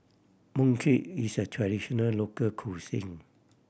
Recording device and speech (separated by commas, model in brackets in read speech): boundary microphone (BM630), read sentence